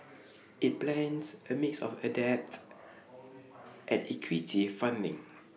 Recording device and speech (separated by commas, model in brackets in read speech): mobile phone (iPhone 6), read sentence